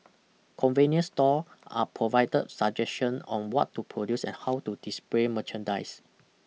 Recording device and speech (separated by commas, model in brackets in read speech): mobile phone (iPhone 6), read sentence